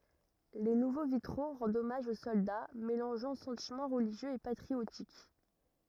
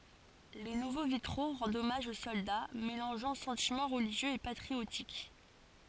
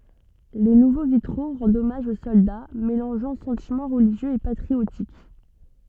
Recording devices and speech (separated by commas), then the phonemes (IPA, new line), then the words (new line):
rigid in-ear microphone, forehead accelerometer, soft in-ear microphone, read sentence
le nuvo vitʁo ʁɑ̃dt ɔmaʒ o sɔlda melɑ̃ʒɑ̃ sɑ̃timɑ̃ ʁəliʒjøz e patʁiotik
Les nouveaux vitraux rendent hommage aux soldats, mélangeant sentiments religieux et patriotiques.